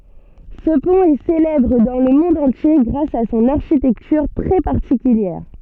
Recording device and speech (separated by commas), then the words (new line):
soft in-ear microphone, read sentence
Ce pont est célèbre dans le monde entier grâce à son architecture très particulière.